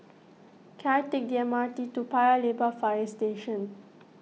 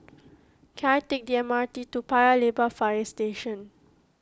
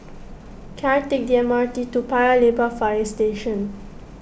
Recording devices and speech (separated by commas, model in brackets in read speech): mobile phone (iPhone 6), close-talking microphone (WH20), boundary microphone (BM630), read sentence